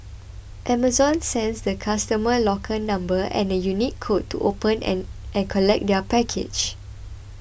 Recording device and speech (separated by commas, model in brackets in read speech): boundary microphone (BM630), read sentence